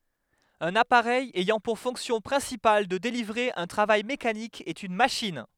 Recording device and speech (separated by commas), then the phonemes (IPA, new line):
headset microphone, read sentence
œ̃n apaʁɛj ɛjɑ̃ puʁ fɔ̃ksjɔ̃ pʁɛ̃sipal də delivʁe œ̃ tʁavaj mekanik ɛt yn maʃin